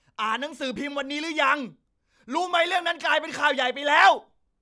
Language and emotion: Thai, angry